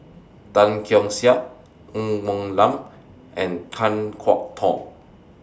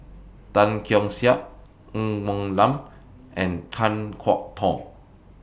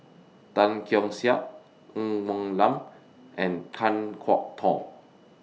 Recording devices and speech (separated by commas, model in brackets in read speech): standing microphone (AKG C214), boundary microphone (BM630), mobile phone (iPhone 6), read sentence